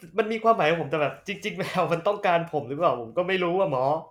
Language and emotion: Thai, sad